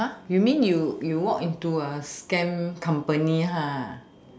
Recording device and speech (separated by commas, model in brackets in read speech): standing microphone, conversation in separate rooms